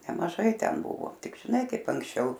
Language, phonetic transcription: Lithuanian, nemaˈžai ˈten ˈbuvo ˈtik žiˈnai ˈkaip anksˈčiau

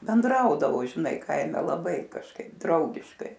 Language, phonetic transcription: Lithuanian, benˈdraudavo žiˈnai ˈkaime laˈbai kažˈkaip ˈdraugiškai

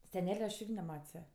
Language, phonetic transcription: Lithuanian, seˈnele aš ˈirgi neˈmat's' ˈja

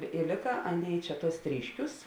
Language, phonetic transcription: Lithuanian, i ˈlėka ˈaˌnėi ˈčia ˈtuos ˈtryšˌkiūs

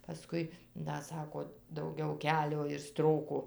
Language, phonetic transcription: Lithuanian, paˈskui ˈda ˈsako dauˈgiau ˈkelio ir ˈstroko

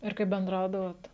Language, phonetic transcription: Lithuanian, ir kaip benˈdraudavot

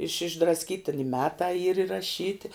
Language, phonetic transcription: Lithuanian, iš išdrasˈkyti i ˈmetā yr iraˈšyti

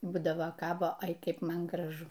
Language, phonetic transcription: Lithuanian, ˈbūdava ˈkabo ˈai ˈkeip ˈman graˈžu

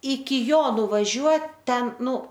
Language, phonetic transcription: Lithuanian, iki ˈjo nuvaˈžiuot ˈten ˈnu

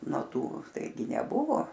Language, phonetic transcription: Lithuanian, no ˈtų ˈtaigi neˈbuvo

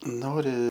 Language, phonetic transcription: Lithuanian, ˈnori

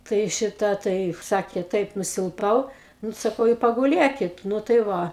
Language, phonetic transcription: Lithuanian, ˈtai ˈšita ˈtai ˈsakė ˈtaip nusilˈpau ˈnu saˈkau i paguˈlėkit ˈnu tai ˈva

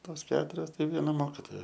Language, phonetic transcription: Lithuanian, ˈtos ˈketurios ˈtai ˈviena ˈmokitoja

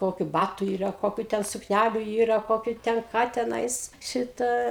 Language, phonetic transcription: Lithuanian, ˈkokiu ˈbatu ˈyra ˈkokiu ˈten sukˈnæliu ˈyra ˈkokiu ˈten ˈką teˈnais ˈšita

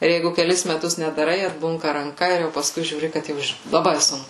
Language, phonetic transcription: Lithuanian, ˈir ˈjeigu keˈlis meˈtus nedaˈrai atˈbunka ranˈka ir jau paˈskui žiūˈri kad ˈjau ˈiš laˈbai ˈsunku

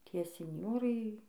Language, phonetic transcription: Lithuanian, ˈtie sinˈjorai

